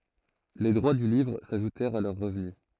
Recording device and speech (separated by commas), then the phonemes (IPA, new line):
throat microphone, read sentence
le dʁwa dy livʁ saʒutɛʁt a lœʁ ʁəvny